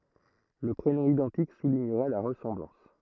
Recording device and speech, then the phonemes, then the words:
throat microphone, read sentence
lə pʁenɔ̃ idɑ̃tik suliɲəʁɛ la ʁəsɑ̃blɑ̃s
Le prénom identique soulignerait la ressemblance.

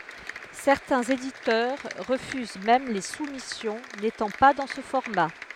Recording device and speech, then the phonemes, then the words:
headset microphone, read sentence
sɛʁtɛ̃z editœʁ ʁəfyz mɛm le sumisjɔ̃ netɑ̃ pa dɑ̃ sə fɔʁma
Certains éditeurs refusent même les soumissions n'étant pas dans ce format.

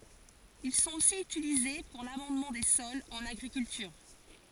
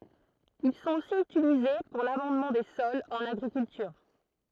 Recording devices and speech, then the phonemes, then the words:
forehead accelerometer, throat microphone, read sentence
il sɔ̃t osi ytilize puʁ lamɑ̃dmɑ̃ de sɔlz ɑ̃n aɡʁikyltyʁ
Ils sont aussi utilisés pour l'amendement des sols, en agriculture.

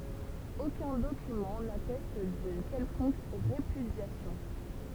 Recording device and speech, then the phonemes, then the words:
temple vibration pickup, read sentence
okœ̃ dokymɑ̃ natɛst dyn kɛlkɔ̃k ʁepydjasjɔ̃
Aucun document n'atteste d'une quelconque répudiation.

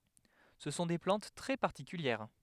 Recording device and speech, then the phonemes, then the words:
headset microphone, read sentence
sə sɔ̃ de plɑ̃t tʁɛ paʁtikyljɛʁ
Ce sont des plantes très particulières.

